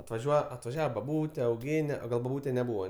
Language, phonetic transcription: Lithuanian, atvaˈžiuoja atvaˈžiava baˈbūte auˈgėne o ˈgal baˈbūte neˈbūva

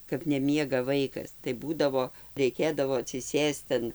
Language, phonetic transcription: Lithuanian, kap neˈmiega ˈvaikas tai ˈbūdavo reiˈkėdavo atsiˈsėst an

